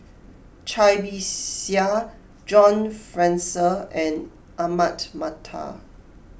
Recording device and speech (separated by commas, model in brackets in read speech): boundary microphone (BM630), read sentence